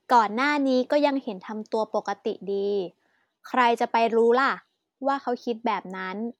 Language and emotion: Thai, neutral